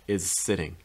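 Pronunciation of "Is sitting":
'Is sitting' is linked together: the join starts with a z sound and then changes to an s.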